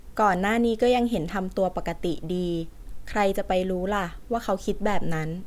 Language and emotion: Thai, neutral